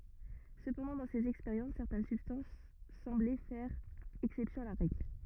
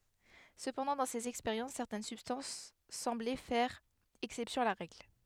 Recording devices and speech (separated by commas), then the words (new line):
rigid in-ear microphone, headset microphone, read sentence
Cependant dans ces expériences, certaines substances semblaient faire exception à la règle.